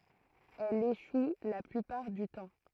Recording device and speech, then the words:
throat microphone, read sentence
Elle échoue la plupart du temps.

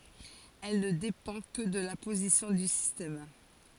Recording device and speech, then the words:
forehead accelerometer, read sentence
Elle ne dépend que de la position du système.

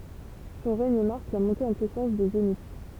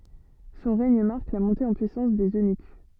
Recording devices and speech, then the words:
temple vibration pickup, soft in-ear microphone, read sentence
Son règne marque la montée en puissance des eunuques.

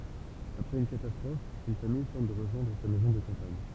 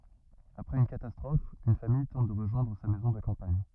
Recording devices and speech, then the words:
temple vibration pickup, rigid in-ear microphone, read sentence
Après une catastrophe, une famille tente de rejoindre sa maison de campagne.

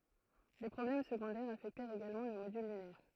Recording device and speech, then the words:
throat microphone, read sentence
Des problèmes secondaires affectèrent également le module lunaire.

